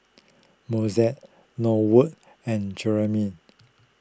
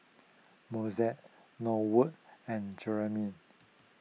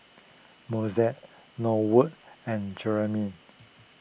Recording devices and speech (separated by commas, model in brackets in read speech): close-talking microphone (WH20), mobile phone (iPhone 6), boundary microphone (BM630), read sentence